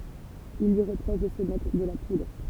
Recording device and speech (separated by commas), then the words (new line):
temple vibration pickup, read sentence
Il lui reproche de se mettre de la poudre.